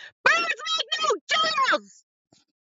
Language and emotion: English, angry